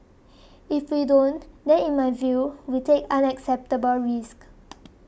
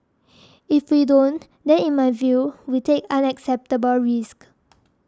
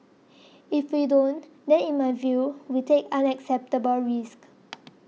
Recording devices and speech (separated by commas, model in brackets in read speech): boundary microphone (BM630), standing microphone (AKG C214), mobile phone (iPhone 6), read sentence